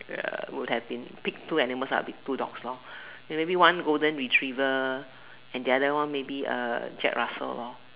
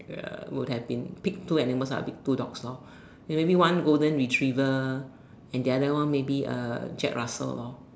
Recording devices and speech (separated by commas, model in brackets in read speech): telephone, standing microphone, conversation in separate rooms